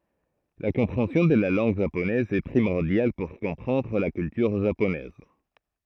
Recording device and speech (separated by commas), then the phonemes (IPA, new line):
throat microphone, read sentence
la kɔ̃pʁeɑ̃sjɔ̃ də la lɑ̃ɡ ʒaponɛz ɛ pʁimɔʁdjal puʁ kɔ̃pʁɑ̃dʁ la kyltyʁ ʒaponɛz